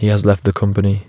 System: none